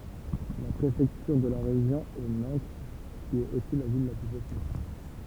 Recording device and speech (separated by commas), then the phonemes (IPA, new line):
temple vibration pickup, read sentence
la pʁefɛktyʁ də ʁeʒjɔ̃ ɛ nɑ̃t ki ɛt osi la vil la ply pøple